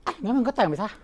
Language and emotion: Thai, frustrated